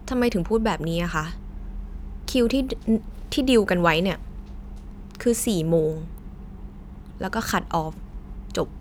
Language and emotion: Thai, frustrated